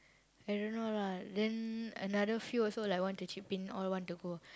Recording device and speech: close-talking microphone, conversation in the same room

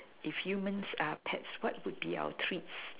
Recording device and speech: telephone, conversation in separate rooms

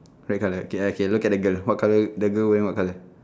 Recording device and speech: standing microphone, conversation in separate rooms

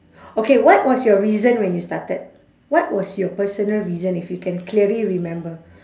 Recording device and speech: standing microphone, conversation in separate rooms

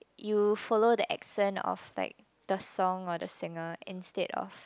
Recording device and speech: close-talking microphone, conversation in the same room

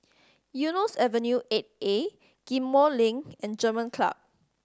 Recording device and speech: standing microphone (AKG C214), read sentence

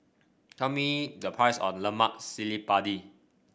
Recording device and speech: boundary microphone (BM630), read sentence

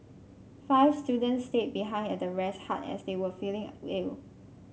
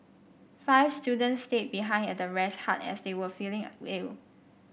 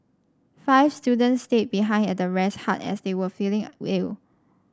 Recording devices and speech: mobile phone (Samsung C5), boundary microphone (BM630), standing microphone (AKG C214), read sentence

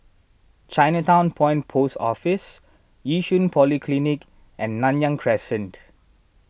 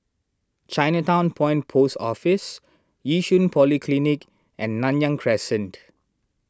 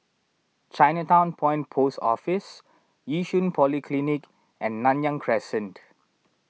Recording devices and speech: boundary microphone (BM630), standing microphone (AKG C214), mobile phone (iPhone 6), read sentence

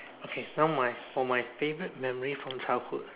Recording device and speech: telephone, conversation in separate rooms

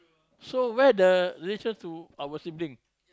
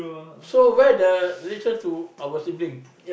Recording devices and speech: close-talking microphone, boundary microphone, conversation in the same room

